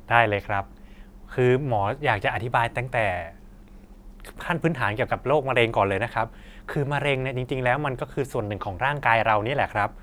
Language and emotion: Thai, neutral